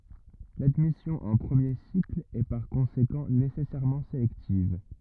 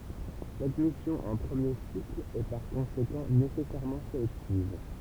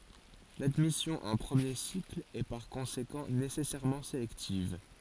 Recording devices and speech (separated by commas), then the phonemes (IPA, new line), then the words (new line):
rigid in-ear microphone, temple vibration pickup, forehead accelerometer, read sentence
ladmisjɔ̃ ɑ̃ pʁəmje sikl ɛ paʁ kɔ̃sekɑ̃ nesɛsɛʁmɑ̃ selɛktiv
L'admission en premier cycle est par conséquent nécessairement sélective.